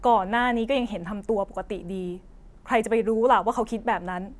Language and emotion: Thai, frustrated